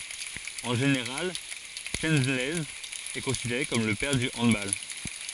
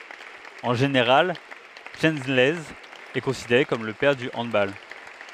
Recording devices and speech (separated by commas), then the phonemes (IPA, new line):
forehead accelerometer, headset microphone, read sentence
ɑ̃ ʒeneʁal ʃəlɛnz ɛ kɔ̃sideʁe kɔm lə pɛʁ dy ɑ̃dbal